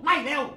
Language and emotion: Thai, angry